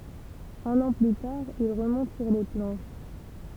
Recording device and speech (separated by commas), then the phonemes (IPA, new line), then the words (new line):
temple vibration pickup, read sentence
œ̃n ɑ̃ ply taʁ il ʁəmɔ̃t syʁ le plɑ̃ʃ
Un an plus tard, il remonte sur les planches.